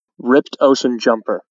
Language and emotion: English, neutral